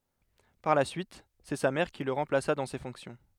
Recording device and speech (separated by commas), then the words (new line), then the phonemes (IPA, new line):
headset microphone, read sentence
Par la suite, c’est sa mère qui le remplaça dans ces fonctions.
paʁ la syit sɛ sa mɛʁ ki lə ʁɑ̃plasa dɑ̃ se fɔ̃ksjɔ̃